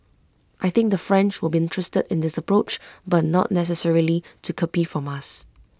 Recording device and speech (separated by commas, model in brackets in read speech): close-talking microphone (WH20), read sentence